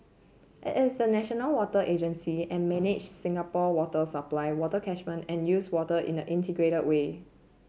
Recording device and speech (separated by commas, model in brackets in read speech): mobile phone (Samsung C7), read sentence